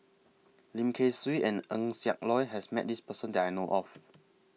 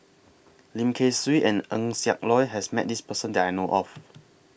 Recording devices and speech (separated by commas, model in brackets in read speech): mobile phone (iPhone 6), boundary microphone (BM630), read sentence